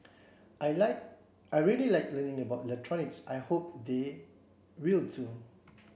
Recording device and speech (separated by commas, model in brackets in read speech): boundary microphone (BM630), read sentence